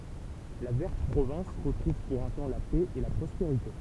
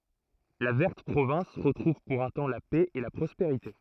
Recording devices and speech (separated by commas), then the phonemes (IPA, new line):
temple vibration pickup, throat microphone, read sentence
la vɛʁt pʁovɛ̃s ʁətʁuv puʁ œ̃ tɑ̃ la pɛ e la pʁɔspeʁite